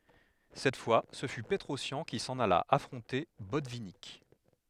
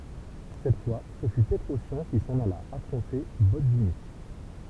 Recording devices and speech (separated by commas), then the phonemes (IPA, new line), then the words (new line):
headset microphone, temple vibration pickup, read sentence
sɛt fwa sə fy pətʁɔsjɑ̃ ki sɑ̃n ala afʁɔ̃te bɔtvinik
Cette fois, ce fut Petrossian qui s'en alla affronter Botvinnik.